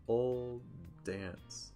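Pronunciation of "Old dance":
'Old dance' is said slowly. The d at the end of 'old' and the d at the start of 'dance' combine, so the d is pronounced only once but held a little longer.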